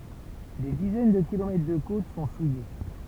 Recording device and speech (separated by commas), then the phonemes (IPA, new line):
temple vibration pickup, read sentence
de dizɛn də kilomɛtʁ də kot sɔ̃ suje